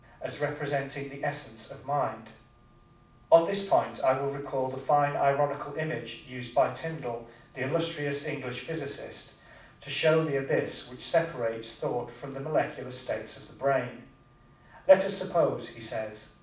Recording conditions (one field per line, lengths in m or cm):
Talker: one person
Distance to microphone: 5.8 m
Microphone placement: far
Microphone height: 1.8 m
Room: medium-sized (5.7 m by 4.0 m)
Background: none